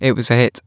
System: none